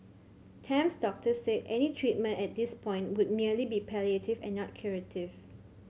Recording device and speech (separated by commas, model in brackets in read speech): mobile phone (Samsung C7100), read sentence